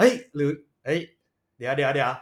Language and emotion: Thai, happy